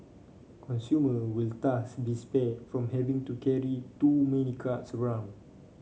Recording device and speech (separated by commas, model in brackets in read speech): mobile phone (Samsung C5), read sentence